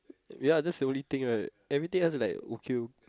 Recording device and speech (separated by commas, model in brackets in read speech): close-talking microphone, conversation in the same room